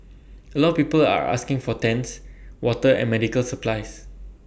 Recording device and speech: boundary microphone (BM630), read sentence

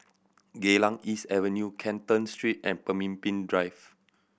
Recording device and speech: boundary microphone (BM630), read sentence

